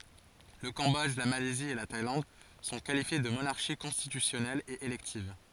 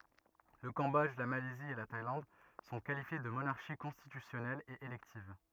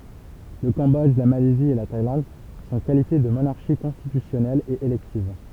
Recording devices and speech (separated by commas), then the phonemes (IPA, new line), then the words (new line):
forehead accelerometer, rigid in-ear microphone, temple vibration pickup, read sentence
lə kɑ̃bɔdʒ la malɛzi e la tajlɑ̃d sɔ̃ kalifje də monaʁʃi kɔ̃stitysjɔnɛlz e elɛktiv
Le Cambodge, la Malaisie et la Thaïlande sont qualifiées de monarchies constitutionnelles et électives.